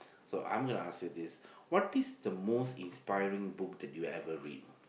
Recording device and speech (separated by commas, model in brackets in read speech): boundary microphone, conversation in the same room